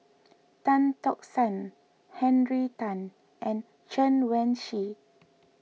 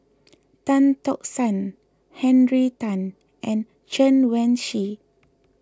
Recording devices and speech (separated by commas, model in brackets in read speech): mobile phone (iPhone 6), close-talking microphone (WH20), read sentence